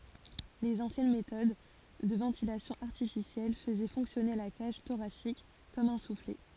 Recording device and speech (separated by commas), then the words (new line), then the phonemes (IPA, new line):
forehead accelerometer, read sentence
Les anciennes méthode de ventilation artificielle faisaient fonctionner la cage thoracique comme un soufflet.
lez ɑ̃sjɛn metɔd də vɑ̃tilasjɔ̃ aʁtifisjɛl fəzɛ fɔ̃ksjɔne la kaʒ toʁasik kɔm œ̃ suflɛ